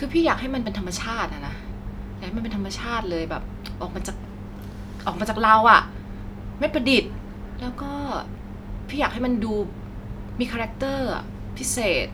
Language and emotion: Thai, neutral